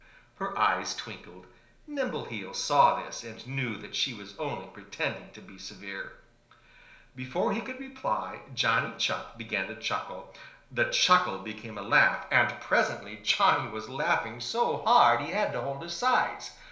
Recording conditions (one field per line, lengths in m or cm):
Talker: one person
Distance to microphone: 1.0 m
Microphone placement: close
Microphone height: 1.1 m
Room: small (3.7 m by 2.7 m)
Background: none